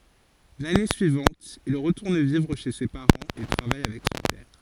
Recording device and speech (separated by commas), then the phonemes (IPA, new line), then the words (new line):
forehead accelerometer, read sentence
lane syivɑ̃t il ʁətuʁn vivʁ ʃe se paʁɑ̃z e tʁavaj avɛk sɔ̃ pɛʁ
L'année suivante il retourne vivre chez ses parents et travaille avec son père.